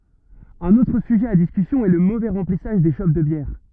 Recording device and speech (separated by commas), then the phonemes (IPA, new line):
rigid in-ear microphone, read sentence
œ̃n otʁ syʒɛ a diskysjɔ̃ ɛ lə movɛ ʁɑ̃plisaʒ de ʃop də bjɛʁ